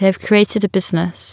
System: none